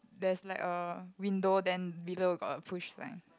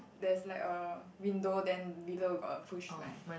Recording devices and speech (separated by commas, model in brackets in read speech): close-talking microphone, boundary microphone, conversation in the same room